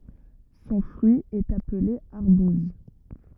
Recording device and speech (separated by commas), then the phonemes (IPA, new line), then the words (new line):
rigid in-ear microphone, read sentence
sɔ̃ fʁyi ɛt aple aʁbuz
Son fruit est appelé arbouse.